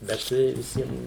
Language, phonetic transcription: Lithuanian, bet ˈtai viˈsiem

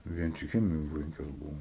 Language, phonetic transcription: Lithuanian, ˈvien tik ˈchemijoj ˈpenkios ˈbuvo

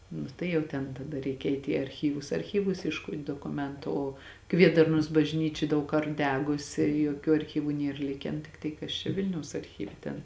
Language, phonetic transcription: Lithuanian, ˈnu tai jau ˈten taˈda ˈreikia ˈeit' į arˈchyvus arˈchyvus iešˈkot' dokuˈmentu ˈo ˈkviedarnos bažˈnyčia ˈdaug ˈkart ˈdegusi joˈkių arˈchyvu ˈnier ˈliken ˈtiktai ˈkas čia ˈvilniaus arˈchyve ten

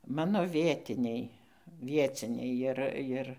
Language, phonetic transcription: Lithuanian, ˈmano ˈvietiniai ˈvieciniai ˈjir ˈvieciniai ˈjir ˈjir

